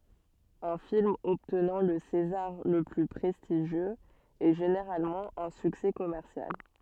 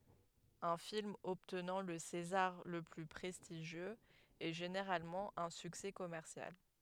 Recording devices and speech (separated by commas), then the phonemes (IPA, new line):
soft in-ear microphone, headset microphone, read sentence
œ̃ film ɔbtnɑ̃ lə sezaʁ lə ply pʁɛstiʒjøz ɛ ʒeneʁalmɑ̃ œ̃ syksɛ kɔmɛʁsjal